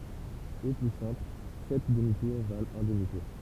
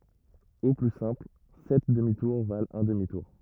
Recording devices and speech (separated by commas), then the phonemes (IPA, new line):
temple vibration pickup, rigid in-ear microphone, read sentence
o ply sɛ̃pl sɛt dəmi tuʁ valt œ̃ dəmi tuʁ